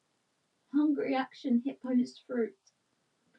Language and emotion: English, sad